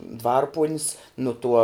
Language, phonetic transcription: Lithuanian, ˈdvarpuonis nu ˈtuo

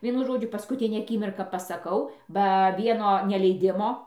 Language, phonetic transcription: Lithuanian, ˈvienu ˈžodžiu paskuˈtinę aˈkimirką pasaˈkau ba ˈvieno neleiˈdimo

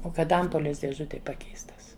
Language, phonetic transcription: Lithuanian, ˈo ˈkad ˈampolės dėˈžutėj ˈpakeistas

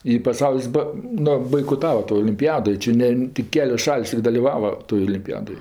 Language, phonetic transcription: Lithuanian, i paˈsaulis ˈba ˈnu baikoˈtava to olimpiˈjado ˈči ne tik ˈkelios ˈšal's' i daliˈvava toj olimpiˈjadoj

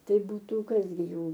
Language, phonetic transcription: Lithuanian, ˈtai ˈbūtu ˈkas gi ˈjų

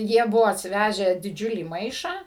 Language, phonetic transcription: Lithuanian, ˈjie ˈbuvo atsiˈvežę diˈdžiulį ˈmaišą

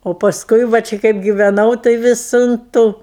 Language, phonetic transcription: Lithuanian, o pasˈkui va ˈči kaip giveˈnau tai ˈvis un ˈtų

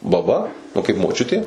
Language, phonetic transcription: Lithuanian, baˈba nu kaip moˈčiutė

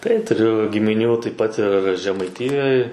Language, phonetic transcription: Lithuanian, tai tuˈriu gimiˈnių taip pat ir žemaiˈtijoj

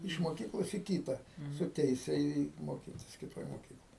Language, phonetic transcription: Lithuanian, iš moˈkyklos į ˈkyta su ˈteise į ˈį ˈmokitis kiˈtoj moˈkykloj

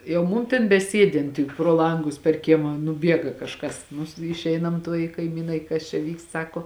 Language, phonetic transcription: Lithuanian, jau ˈmum tėn beˈsiedint tik pro ˈlangus per ˈkiema nuˈbiega kažˈkas nus išˈeinam ˈtuoj i kaiˈmynai kas čia ˈvykst ˈsako

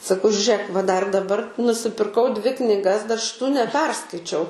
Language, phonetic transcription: Lithuanian, saˈkau žiuˈrėk va dar daˈbar nusipirˈkau ˈdvi kniˈgas dar šiˈtų neˈperskaičiau

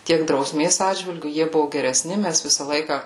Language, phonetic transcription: Lithuanian, ˈtiek drauˈsmės ˈatžvilgiu ˈjie ˈbuvu gereˈsni ˈmæs ˈvisa ˈlaika

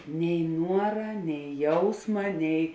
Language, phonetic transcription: Lithuanian, nei ˈnuora nei ˈjausma nei

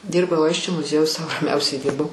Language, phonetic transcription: Lithuanian, ˈdyrbau ˈaisčio muˈziejuj sau raˈmiausiai ˈdyrbau

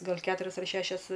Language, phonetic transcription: Lithuanian, ˈgal ˈketurias ar ˈšešias

